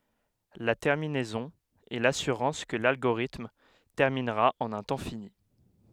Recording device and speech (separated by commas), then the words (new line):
headset microphone, read sentence
La terminaison est l'assurance que l'algorithme terminera en un temps fini.